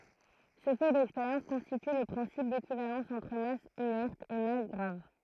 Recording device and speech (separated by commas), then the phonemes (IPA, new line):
throat microphone, read sentence
sə fɛ dɛkspeʁjɑ̃s kɔ̃stity lə pʁɛ̃sip dekivalɑ̃s ɑ̃tʁ mas inɛʁt e mas ɡʁav